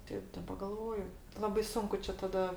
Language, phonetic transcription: Lithuanian, ˈteip daˈba galˈvoju ˈlabai ˈsunku čia taˈda

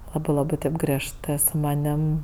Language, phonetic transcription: Lithuanian, ˈlabɜ ˈlabɜ ˈtėp griežˈtɜ su maˈnim

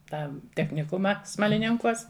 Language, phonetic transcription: Lithuanian, ˈtą techniˈkumą smaliˈninkuos

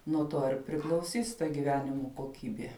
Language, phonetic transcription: Lithuanian, nuo ˈto ir priklauˈsys ta giˈvenimo koˈkybė

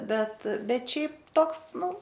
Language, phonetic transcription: Lithuanian, ˈbet ˈbet ˈšiaip ˈtoks ˈnu

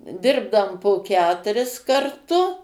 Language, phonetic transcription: Lithuanian, ˈdirbdam po ˈketuris karˈtu

